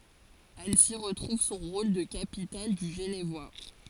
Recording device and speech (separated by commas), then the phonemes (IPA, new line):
forehead accelerometer, read sentence
ansi ʁətʁuv sɔ̃ ʁol də kapital dy ʒənvwa